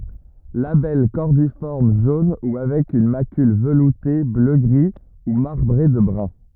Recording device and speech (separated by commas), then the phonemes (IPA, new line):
rigid in-ear microphone, read sentence
labɛl kɔʁdifɔʁm ʒon u avɛk yn makyl vəlute bløɡʁi u maʁbʁe də bʁœ̃